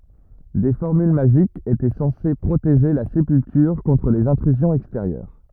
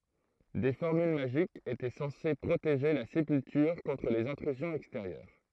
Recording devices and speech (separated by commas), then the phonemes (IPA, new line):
rigid in-ear microphone, throat microphone, read sentence
de fɔʁmyl maʒikz etɛ sɑ̃se pʁoteʒe la sepyltyʁ kɔ̃tʁ lez ɛ̃tʁyzjɔ̃z ɛksteʁjœʁ